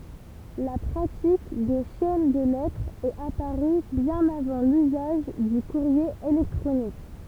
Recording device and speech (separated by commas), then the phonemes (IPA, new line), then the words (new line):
temple vibration pickup, read sentence
la pʁatik de ʃɛn də lɛtʁz ɛt apaʁy bjɛ̃n avɑ̃ lyzaʒ dy kuʁje elɛktʁonik
La pratique des chaînes de lettres est apparue bien avant l'usage du courrier électronique.